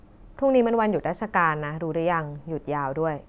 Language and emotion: Thai, neutral